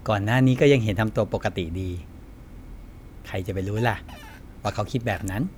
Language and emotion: Thai, happy